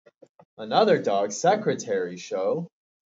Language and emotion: English, surprised